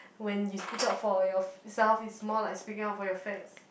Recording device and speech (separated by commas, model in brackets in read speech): boundary microphone, conversation in the same room